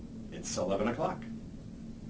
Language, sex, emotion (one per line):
English
male
happy